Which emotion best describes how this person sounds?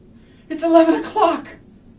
fearful